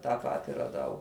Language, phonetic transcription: Lithuanian, tą ˈpati raˈdau

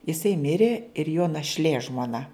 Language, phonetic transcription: Lithuanian, jiˈsai ˈmirė ir jo našˈlė žmoˈna

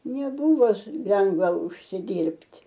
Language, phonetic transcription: Lithuanian, neˈbuvo s ˈlengva užsiˈdyrbt'

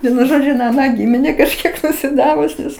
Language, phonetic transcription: Lithuanian, ˈvienu ˈžodžiu in aˈną ˈgymine kažˈkiek nusiˈdavus nes

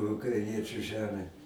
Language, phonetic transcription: Lithuanian, ukraiˈniečiu ˈžemę

